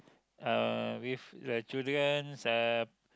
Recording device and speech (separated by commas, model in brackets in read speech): close-talking microphone, conversation in the same room